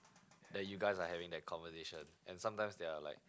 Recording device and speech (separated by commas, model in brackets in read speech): close-talking microphone, conversation in the same room